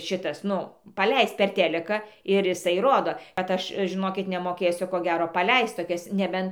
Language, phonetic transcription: Lithuanian, ˈšitas ˈnu paˈleist ˈper ˈteliką ir iˈsai ˈrodo kad ˈaš žiˈnokit nemoˈkėsiu ˈko ˈgero paˈleist toˈkias neˈben

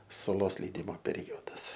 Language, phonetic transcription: Lithuanian, suˈlos leiˈdimo peˈriodas

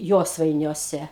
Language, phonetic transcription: Lithuanian, ˈjosvainiuose

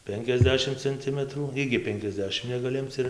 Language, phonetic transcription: Lithuanian, ˈpenkiasˌdešim cenˈtimətrų ˈigi ˈpenkiasˌdešim negaˈli ˈimc ir

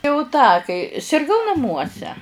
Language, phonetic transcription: Lithuanian, jau ˈtą kai sirˈgau naˈmuose

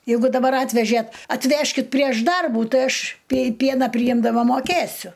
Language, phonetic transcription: Lithuanian, jeiˈgu daˈbar ˈatvežėt atˈvežkit prieš ˈdarbų ˈtai ˈaš pie ˈpieną priˈjimdama moˈkėsiu

